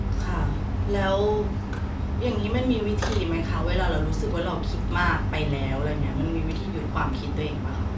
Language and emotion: Thai, frustrated